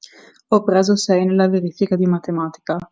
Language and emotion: Italian, neutral